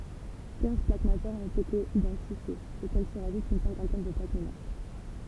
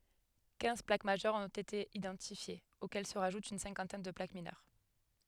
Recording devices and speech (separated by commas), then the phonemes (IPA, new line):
temple vibration pickup, headset microphone, read sentence
kɛ̃z plak maʒœʁz ɔ̃t ete idɑ̃tifjez okɛl sə ʁaʒut yn sɛ̃kɑ̃tɛn də plak minœʁ